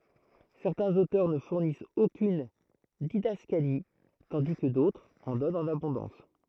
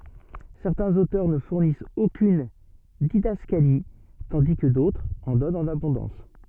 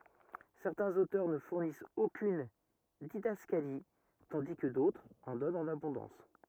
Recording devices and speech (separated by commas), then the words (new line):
throat microphone, soft in-ear microphone, rigid in-ear microphone, read sentence
Certains auteurs ne fournissent aucune didascalie, tandis que d'autres en donnent en abondance.